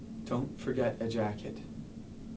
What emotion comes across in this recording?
neutral